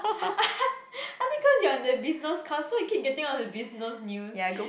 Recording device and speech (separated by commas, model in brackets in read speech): boundary microphone, conversation in the same room